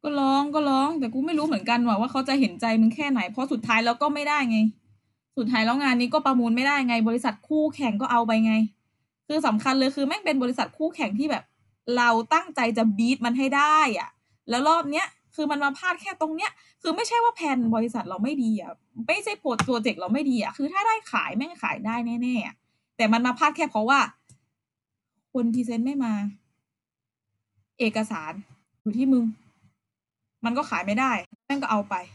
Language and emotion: Thai, frustrated